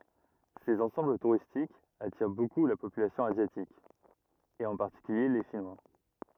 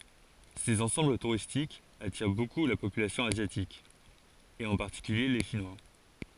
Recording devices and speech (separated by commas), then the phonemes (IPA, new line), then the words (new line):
rigid in-ear microphone, forehead accelerometer, read sentence
sez ɑ̃sɑ̃bl tuʁistikz atiʁ boku la popylasjɔ̃ azjatik e ɑ̃ paʁtikylje le ʃinwa
Ces ensembles touristiques attirent beaucoup la population asiatique, et en particulier les Chinois.